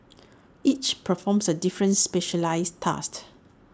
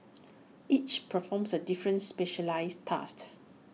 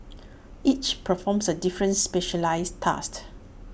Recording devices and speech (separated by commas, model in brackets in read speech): standing microphone (AKG C214), mobile phone (iPhone 6), boundary microphone (BM630), read sentence